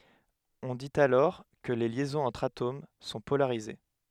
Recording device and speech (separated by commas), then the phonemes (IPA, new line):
headset microphone, read sentence
ɔ̃ dit alɔʁ kə le ljɛzɔ̃z ɑ̃tʁ atom sɔ̃ polaʁize